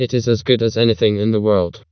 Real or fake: fake